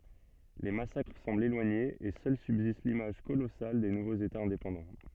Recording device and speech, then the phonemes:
soft in-ear microphone, read sentence
le masakʁ sɑ̃blt elwaɲez e sœl sybzist limaʒ kolɔsal de nuvoz etaz ɛ̃depɑ̃dɑ̃

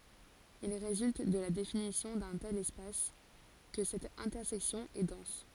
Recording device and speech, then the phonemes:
forehead accelerometer, read sentence
il ʁezylt də la definisjɔ̃ dœ̃ tɛl ɛspas kə sɛt ɛ̃tɛʁsɛksjɔ̃ ɛ dɑ̃s

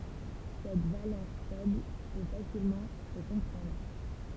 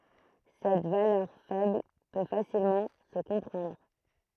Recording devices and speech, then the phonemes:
temple vibration pickup, throat microphone, read sentence
sɛt valœʁ fɛbl pø fasilmɑ̃ sə kɔ̃pʁɑ̃dʁ

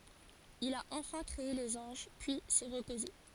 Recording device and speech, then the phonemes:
forehead accelerometer, read sentence
il a ɑ̃fɛ̃ kʁee lez ɑ̃ʒ pyi sɛ ʁəpoze

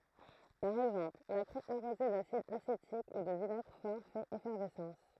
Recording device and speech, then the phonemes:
throat microphone, read sentence
paʁ ɛɡzɑ̃pl la kʁɛ aʁoze dasid asetik u də vinɛɡʁ fɔʁ fɛt efɛʁvɛsɑ̃s

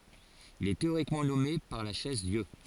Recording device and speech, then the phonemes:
forehead accelerometer, read sentence
il ɛ teoʁikmɑ̃ nɔme paʁ la ʃɛzdjø

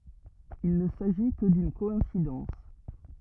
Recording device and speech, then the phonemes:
rigid in-ear microphone, read sentence
il nə saʒi kə dyn kɔɛ̃sidɑ̃s

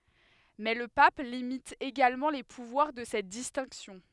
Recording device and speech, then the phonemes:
headset microphone, read sentence
mɛ lə pap limit eɡalmɑ̃ le puvwaʁ də sɛt distɛ̃ksjɔ̃

